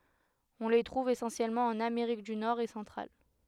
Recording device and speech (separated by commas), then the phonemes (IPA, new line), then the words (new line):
headset microphone, read sentence
ɔ̃ le tʁuv esɑ̃sjɛlmɑ̃ ɑ̃n ameʁik dy nɔʁ e sɑ̃tʁal
On les trouve essentiellement en Amérique du Nord et centrale.